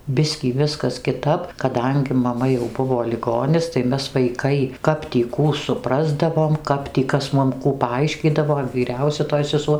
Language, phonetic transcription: Lithuanian, ˈbiskį ˈviskas kiˈtap kaˈdangi maˈma jau ˈbuvo liˈgonis tai ˈmes vaiˈkai ˈkap tį ˈkų suˈprasdavom ˈkap tį ˈkas ˈmum ˈkų paˈaiškydavo vyˈriausia toj seˈsuo

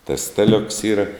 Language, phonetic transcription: Lithuanian, tas ˈstaˌliuks ˈyra

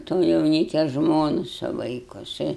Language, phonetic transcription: Lithuanian, to jauˈnykia ˈžmonu su ˈvaiku jiˈsai

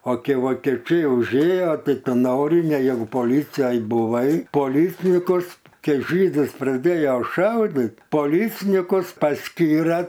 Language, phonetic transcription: Lithuanian, o ˈkei vokieˈčiai užˈėjo ˈtai ˈtu ˈnori ne jeˈgu poˈlicijoj buˈvai poˈlycnikus ˈkei ˈžydus praˈdėjo ˈšaudit poˈlycnikus pasˈkyre

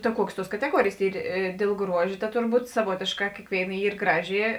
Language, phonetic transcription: Lithuanian, ta ˈkuokės ˈtuos kateˈguorėjės ˈyr ė dėl ˈgruož' ta ˈturˌbūt saˈvuotėšˌkā ˈkėkvėiˌna ˈyr ˈgraˌži

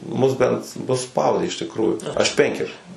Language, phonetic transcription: Lithuanian, ˈmus ˈbent nu ˈspaudė iš tikˈrųjų ˈaš ˈpenkerius

